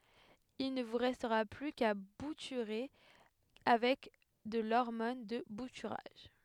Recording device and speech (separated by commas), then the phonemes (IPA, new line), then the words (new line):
headset microphone, read sentence
il nə vu ʁɛstʁa ply ka butyʁe avɛk də lɔʁmɔn də butyʁaʒ
Il ne vous restera plus qu'à bouturer avec de l'hormone de bouturage.